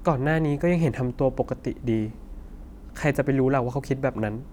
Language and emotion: Thai, sad